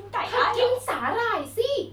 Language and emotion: Thai, happy